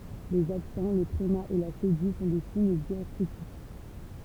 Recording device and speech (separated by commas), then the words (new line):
temple vibration pickup, read sentence
Les accents, le tréma et la cédille sont des signes diacritiques.